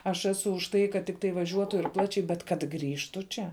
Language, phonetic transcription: Lithuanian, aš ˈesu už ˈtai kad ˈtiktai vaˈžiuotu ir ˈplačiai bet kad ˈgrįžtu ˈčia

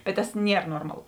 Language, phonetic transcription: Lithuanian, bet tas ˈnier ˈnormaˌlu

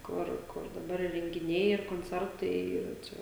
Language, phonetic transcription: Lithuanian, ˈkur kur daˈbar i rengiˈniai ir konˈcertai ˈyra ˈčia

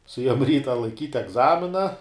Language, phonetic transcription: Lithuanian, suˈėjom ˈryta laiˈkyt' egˈzamina

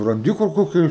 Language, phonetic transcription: Lithuanian, ranˈdi kur ˈkokia

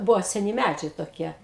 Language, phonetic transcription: Lithuanian, ˈbuvo seˈni ˈmædžiai toˈkie

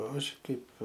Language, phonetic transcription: Lithuanian, ˈaš ˈkaip

